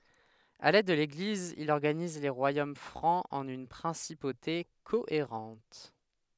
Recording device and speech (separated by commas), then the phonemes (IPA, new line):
headset microphone, read sentence
avɛk lɛd də leɡliz il ɔʁɡaniz le ʁwajom fʁɑ̃z ɑ̃n yn pʁɛ̃sipote koeʁɑ̃t